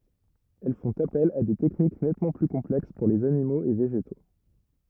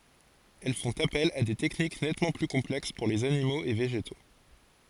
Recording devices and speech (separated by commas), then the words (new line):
rigid in-ear microphone, forehead accelerometer, read sentence
Elles font appel à des techniques nettement plus complexes pour les animaux et végétaux.